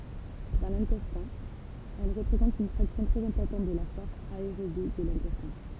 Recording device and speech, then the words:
temple vibration pickup, read sentence
Dans l'intestin, elles représentent une fraction très importante de la flore aérobie de l'intestin.

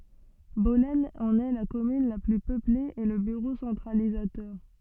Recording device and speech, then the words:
soft in-ear microphone, read sentence
Bollène en est la commune la plus peuplée et le bureau centralisateur.

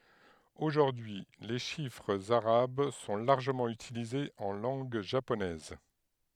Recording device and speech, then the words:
headset microphone, read sentence
Aujourd'hui, les chiffres arabes sont largement utilisés en langue japonaise.

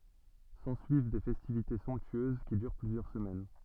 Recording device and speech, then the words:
soft in-ear microphone, read sentence
S'ensuivent des festivités somptueuses, qui durent plusieurs semaines.

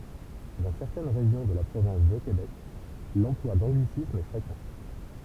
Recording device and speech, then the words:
temple vibration pickup, read sentence
Dans certaines régions de la province de Québec, l'emploi d'anglicismes est fréquent.

